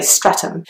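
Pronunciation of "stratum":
In 'Streatham', the th is not a th sound but almost like a t sound, and the ea in the middle does not sound like the ea in 'mean'.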